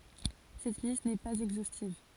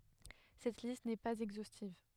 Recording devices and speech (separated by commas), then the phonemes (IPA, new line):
forehead accelerometer, headset microphone, read sentence
sɛt list nɛ paz ɛɡzostiv